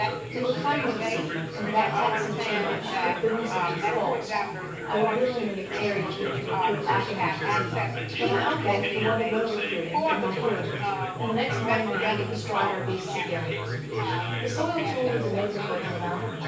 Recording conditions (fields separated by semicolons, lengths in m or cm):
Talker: one person; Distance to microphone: 9.8 m; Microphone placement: far; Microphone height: 1.8 m; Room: large; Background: babble